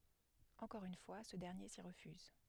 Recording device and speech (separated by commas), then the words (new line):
headset microphone, read sentence
Encore une fois, ce dernier s'y refuse.